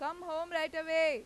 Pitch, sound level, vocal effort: 320 Hz, 102 dB SPL, very loud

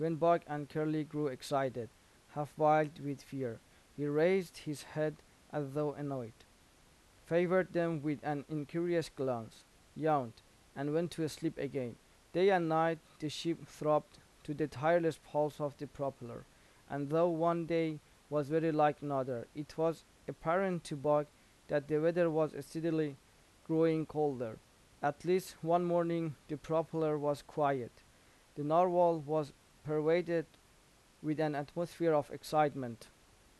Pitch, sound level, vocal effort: 150 Hz, 86 dB SPL, normal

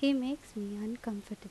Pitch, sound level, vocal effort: 225 Hz, 82 dB SPL, normal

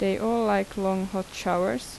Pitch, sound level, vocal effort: 195 Hz, 81 dB SPL, normal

